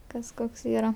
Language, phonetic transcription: Lithuanian, ˈkas ˈkoks ˈyra

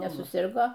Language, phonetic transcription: Lithuanian, nesuˈsirgo

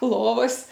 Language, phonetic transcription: Lithuanian, ˈlovas

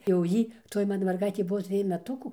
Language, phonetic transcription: Lithuanian, jau ˈjy toj ˈmana merˈgaitė ˈbuvo ˈtrij meˈtukų

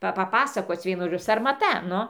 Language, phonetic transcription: Lithuanian, ˈpa paˈpasakoc ˈvienu žoˈdžiu sarmaˈta ˈnu

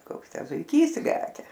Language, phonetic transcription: Lithuanian, ˈkoks ˈtę zuiˈkys ˈlekia

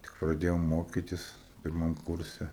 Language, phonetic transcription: Lithuanian, tik praˈdėjom ˈmokytis pirˈmam ˈkurse

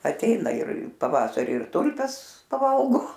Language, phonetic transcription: Lithuanian, atˈeina ir paˈvasari ir ˈtulpes paˈvalgo

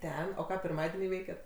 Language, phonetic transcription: Lithuanian, ˈten o ˈką pirˈmadienį ˈveikiat

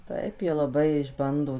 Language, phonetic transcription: Lithuanian, ˈtaip ˈjie laˈbai išˈbando

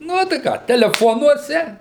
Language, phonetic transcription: Lithuanian, ˈnu tai ˈką teleˈfonuose

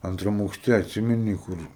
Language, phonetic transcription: Lithuanian, anˈtram aukˈšte atˈsimeni ˈkur

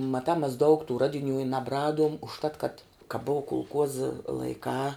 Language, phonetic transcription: Lithuanian, maˈtā mes daug tų ˈradiˌnių i nabˈraduom užˈtat kad ka bova kulˈkuoza laiˈkā

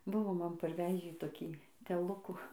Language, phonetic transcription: Lithuanian, ˈbuvo ˈman parˈvežį toˈkį teˈlukų

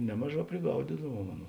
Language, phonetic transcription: Lithuanian, ˈnemaˌžā priˈgaudidavuom ˈaˌnų

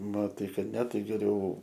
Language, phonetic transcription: Lithuanian, maˈtai ˈkad ne ˈtai geˈriau

